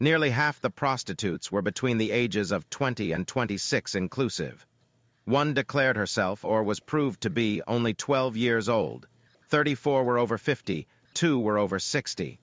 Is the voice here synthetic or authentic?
synthetic